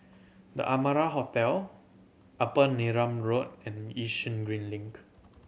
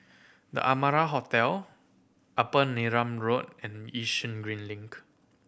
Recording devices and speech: mobile phone (Samsung C7100), boundary microphone (BM630), read sentence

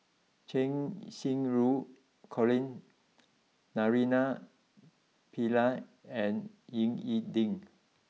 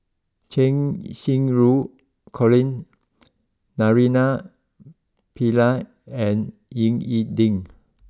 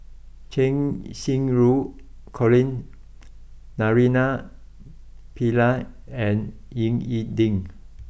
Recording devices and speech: mobile phone (iPhone 6), close-talking microphone (WH20), boundary microphone (BM630), read sentence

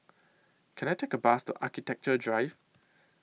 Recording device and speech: mobile phone (iPhone 6), read sentence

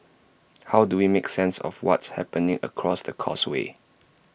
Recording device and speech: boundary microphone (BM630), read sentence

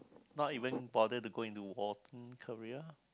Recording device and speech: close-talking microphone, conversation in the same room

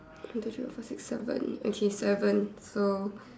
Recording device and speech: standing microphone, conversation in separate rooms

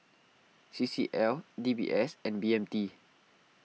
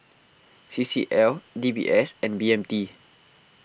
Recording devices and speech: mobile phone (iPhone 6), boundary microphone (BM630), read sentence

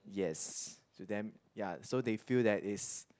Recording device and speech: close-talking microphone, conversation in the same room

